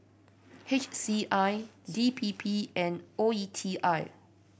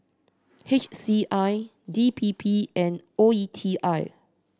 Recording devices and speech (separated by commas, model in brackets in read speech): boundary microphone (BM630), standing microphone (AKG C214), read sentence